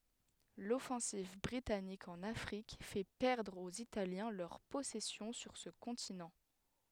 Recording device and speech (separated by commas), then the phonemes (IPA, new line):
headset microphone, read sentence
lɔfɑ̃siv bʁitanik ɑ̃n afʁik fɛ pɛʁdʁ oz italjɛ̃ lœʁ pɔsɛsjɔ̃ syʁ sə kɔ̃tinɑ̃